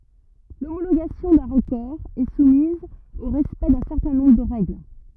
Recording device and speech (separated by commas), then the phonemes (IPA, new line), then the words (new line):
rigid in-ear microphone, read sentence
lomoloɡasjɔ̃ dœ̃ ʁəkɔʁ ɛ sumiz o ʁɛspɛkt dœ̃ sɛʁtɛ̃ nɔ̃bʁ də ʁɛɡl
L'homologation d'un record est soumise au respect d'un certain nombre de règles.